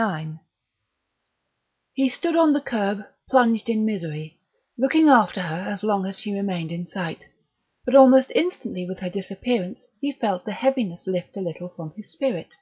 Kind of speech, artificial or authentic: authentic